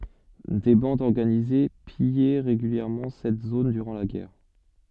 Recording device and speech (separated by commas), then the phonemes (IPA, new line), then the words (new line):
soft in-ear microphone, read sentence
de bɑ̃dz ɔʁɡanize pijɛ ʁeɡyljɛʁmɑ̃ sɛt zon dyʁɑ̃ la ɡɛʁ
Des bandes organisées pillaient régulièrement cette zone durant la guerre.